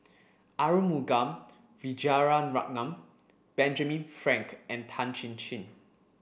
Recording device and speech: boundary microphone (BM630), read sentence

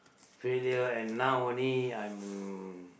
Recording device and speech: boundary microphone, conversation in the same room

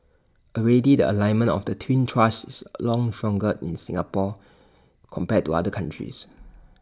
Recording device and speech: standing microphone (AKG C214), read sentence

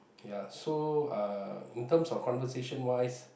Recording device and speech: boundary microphone, conversation in the same room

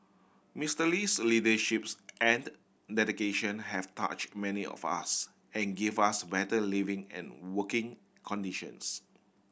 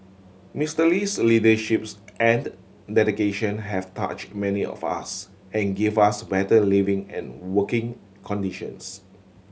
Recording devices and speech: boundary microphone (BM630), mobile phone (Samsung C7100), read sentence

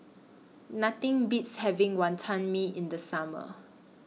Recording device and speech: mobile phone (iPhone 6), read sentence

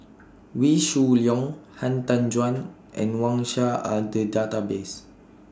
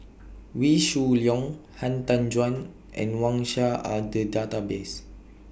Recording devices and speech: standing microphone (AKG C214), boundary microphone (BM630), read sentence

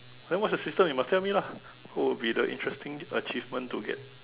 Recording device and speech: telephone, conversation in separate rooms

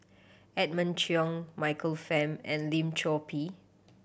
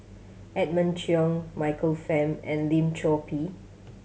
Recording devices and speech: boundary microphone (BM630), mobile phone (Samsung C7100), read sentence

